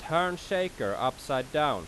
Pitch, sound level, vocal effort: 150 Hz, 93 dB SPL, very loud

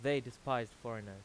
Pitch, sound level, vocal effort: 125 Hz, 92 dB SPL, loud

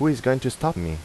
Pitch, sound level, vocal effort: 130 Hz, 85 dB SPL, normal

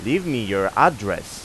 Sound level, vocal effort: 94 dB SPL, loud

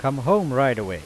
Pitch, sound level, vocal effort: 135 Hz, 94 dB SPL, loud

